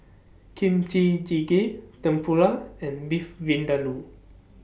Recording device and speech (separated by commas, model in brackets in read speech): boundary microphone (BM630), read sentence